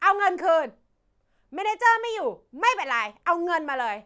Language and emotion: Thai, angry